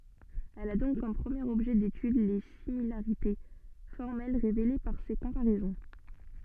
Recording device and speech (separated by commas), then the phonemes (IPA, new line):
soft in-ear microphone, read sentence
ɛl a dɔ̃k kɔm pʁəmjeʁ ɔbʒɛ detyd le similaʁite fɔʁmɛl ʁevele paʁ se kɔ̃paʁɛzɔ̃